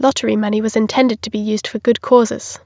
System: none